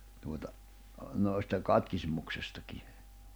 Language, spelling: Finnish, tuota noista katkismuksestakin
- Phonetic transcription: tuota , nòi̬sta , katkismuksestaki .

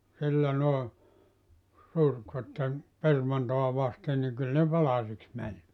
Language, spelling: Finnish, sillä noin surkkivat permantoa vasten niin kyllä ne palasiksi meni
- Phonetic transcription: sillä nòe , (surkvattem) , 'permantoa 'vasten niŋ kyl ne 'palasiks mäń .

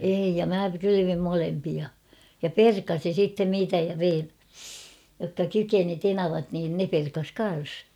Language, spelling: Finnish, ei ja minä kylvin molempia ja perkasin sitten niitä ja vein jotka kykeni tenavat niin ne perkasi kanssa
- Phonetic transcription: ei ja "mä "kylyvim 'molempia , ja "perkasin̬ sitten 'niitä ja 'vein , jokka "kykeni "tenavat niin 'ne perkas 'kan̬s .

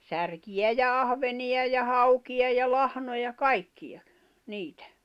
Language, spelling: Finnish, särkiä ja ahvenia ja haukia ja lahnoja kaikkia niitä
- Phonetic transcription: 'särkijä ja 'ahveniʲa ja 'haukiʲa ja 'lahnoja "kaikkiʲa , 'niitᴀ̈ .

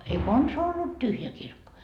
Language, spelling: Finnish, ei konsaan ollut tyhjä kirkko
- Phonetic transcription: ei "konsaa ollut 'tyhjä 'kirkko .

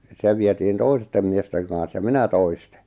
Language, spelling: Finnish, se vietiin toisten miesten kanssa ja minä toisten
- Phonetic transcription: 'se vietiin 'toistem miesteŋ kàa̰s ja "minä 'toistᴇ .

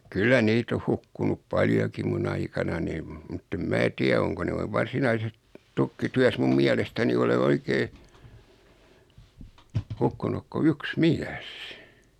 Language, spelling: Finnish, kyllä niitä on hukkunut paljonkin minun aikanani mutta en minä tiedä onko noin varsinaisessa tukkityössä minun mielestäni ole oikein hukkunut kuin yksi mies
- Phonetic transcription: 'kyllä "niit ‿oh 'hukkunup "paljokim 'mun aikananim , mutt ‿em 'mää tiä oŋko noi 'varsinaises , 'tukki'tyäs mum 'miälestäni ole 'oikee , 'hukkunuk ko "yks "miäs .

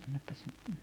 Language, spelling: Finnish, annapas
- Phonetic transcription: 'annappaś ,.

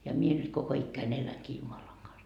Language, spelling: Finnish, ja minä nyt koko ikäni elänkin Jumalan kanssa
- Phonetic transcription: ja 'mie nyt koko 'ikkäin 'eläŋkii "Jumalaŋ Gans .

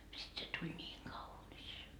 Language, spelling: Finnish, sitten se tuli niin kaunis
- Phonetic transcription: sit se 'tuĺ ńiiŋ "kaunis .

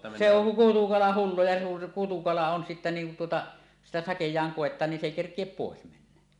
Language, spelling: Finnish, se on kutukala hullu ja niin kutukala on sitten niin kun tuota sitä sakeaan koettaa niin se ei kerkiä pois mennä
- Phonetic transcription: se oŋ "kutukala 'hullu ja nuiŋ 'kutukala on sittä niiŋ kun tuota , "sitä "sakej̀aan 'kòet̆taan nin "s ‿èi 'kerk̀iep 'pòes mennä .

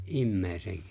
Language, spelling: Finnish, ihmisen
- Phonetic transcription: '’imme̬e̬ⁱsen ?

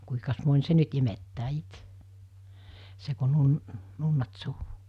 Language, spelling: Finnish, kuinkas moni se nyt imettää itse se kun - nunnat suuhun
- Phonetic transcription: kuikas moń 'se nyt imettää 'ite , se ko 'nun- , 'nunnat suu(ɦu) .

